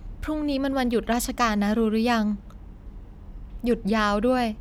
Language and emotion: Thai, neutral